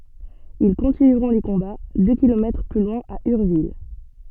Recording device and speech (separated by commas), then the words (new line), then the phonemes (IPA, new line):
soft in-ear microphone, read sentence
Ils continueront les combats deux kilomètres plus loin à Urville.
il kɔ̃tinyʁɔ̃ le kɔ̃ba dø kilomɛtʁ ply lwɛ̃ a yʁvil